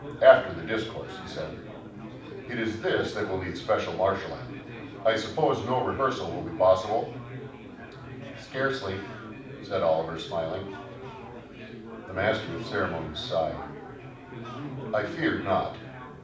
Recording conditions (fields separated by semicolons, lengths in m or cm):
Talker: one person; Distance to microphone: 5.8 m; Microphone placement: far; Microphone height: 1.8 m; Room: medium-sized (5.7 m by 4.0 m); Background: babble